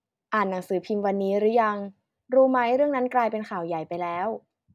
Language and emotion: Thai, neutral